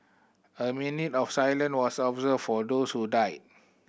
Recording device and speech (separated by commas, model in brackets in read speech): boundary microphone (BM630), read sentence